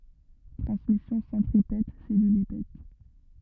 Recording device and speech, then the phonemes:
rigid in-ear microphone, read sentence
tʁɑ̃smisjɔ̃ sɑ̃tʁipɛt sɛlylipɛt

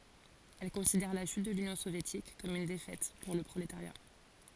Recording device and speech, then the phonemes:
forehead accelerometer, read sentence
ɛl kɔ̃sidɛʁ la ʃyt də lynjɔ̃ sovjetik kɔm yn defɛt puʁ lə pʁoletaʁja

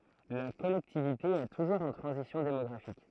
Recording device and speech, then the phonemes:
throat microphone, read sentence
la kɔlɛktivite ɛ tuʒuʁz ɑ̃ tʁɑ̃zisjɔ̃ demɔɡʁafik

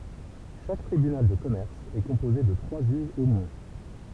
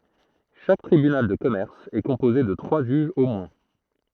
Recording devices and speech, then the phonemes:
temple vibration pickup, throat microphone, read sentence
ʃak tʁibynal də kɔmɛʁs ɛ kɔ̃poze də tʁwa ʒyʒz o mwɛ̃

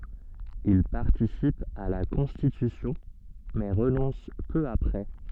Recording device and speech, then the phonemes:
soft in-ear microphone, read sentence
il paʁtisip a la kɔ̃stitysjɔ̃ mɛ ʁənɔ̃s pø apʁɛ

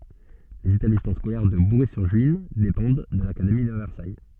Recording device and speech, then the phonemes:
soft in-ear microphone, read sentence
lez etablismɑ̃ skolɛʁ də buʁɛzyʁʒyin depɑ̃d də lakademi də vɛʁsaj

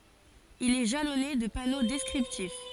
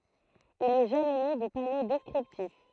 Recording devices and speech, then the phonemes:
forehead accelerometer, throat microphone, read sentence
il ɛ ʒalɔne də pano dɛskʁiptif

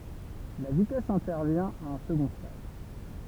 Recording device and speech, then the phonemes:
temple vibration pickup, read sentence
la vitɛs ɛ̃tɛʁvjɛ̃ a œ̃ səɡɔ̃ stad

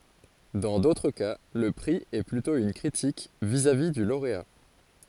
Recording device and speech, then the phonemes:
forehead accelerometer, read sentence
dɑ̃ dotʁ ka lə pʁi ɛ plytɔ̃ yn kʁitik vizavi dy loʁea

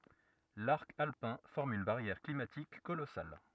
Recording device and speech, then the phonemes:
rigid in-ear microphone, read sentence
laʁk alpɛ̃ fɔʁm yn baʁjɛʁ klimatik kolɔsal

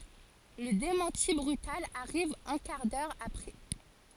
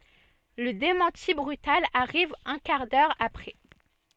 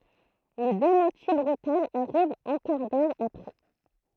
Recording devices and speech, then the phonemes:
forehead accelerometer, soft in-ear microphone, throat microphone, read sentence
lə demɑ̃ti bʁytal aʁiv œ̃ kaʁ dœʁ apʁɛ

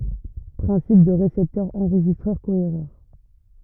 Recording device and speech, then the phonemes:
rigid in-ear microphone, read sentence
pʁɛ̃sip dy ʁesɛptœʁ ɑ̃ʁʒistʁœʁ koeʁœʁ

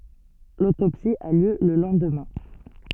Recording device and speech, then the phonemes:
soft in-ear microphone, read sentence
lotopsi a ljø lə lɑ̃dmɛ̃

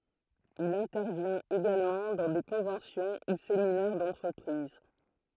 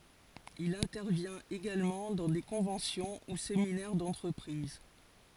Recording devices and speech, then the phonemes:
throat microphone, forehead accelerometer, read sentence
il ɛ̃tɛʁvjɛ̃t eɡalmɑ̃ dɑ̃ de kɔ̃vɑ̃sjɔ̃ u seminɛʁ dɑ̃tʁəpʁiz

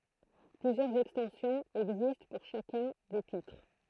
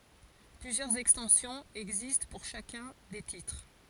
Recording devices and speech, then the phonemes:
throat microphone, forehead accelerometer, read sentence
plyzjœʁz ɛkstɑ̃sjɔ̃z ɛɡzist puʁ ʃakœ̃ de titʁ

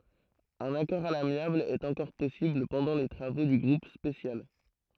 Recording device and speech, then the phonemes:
throat microphone, read sentence
œ̃n akɔʁ a lamjabl ɛt ɑ̃kɔʁ pɔsibl pɑ̃dɑ̃ le tʁavo dy ɡʁup spesjal

